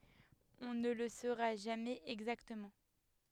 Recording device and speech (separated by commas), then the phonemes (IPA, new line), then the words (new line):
headset microphone, read sentence
ɔ̃ nə lə soʁa ʒamɛz ɛɡzaktəmɑ̃
On ne le saura jamais exactement.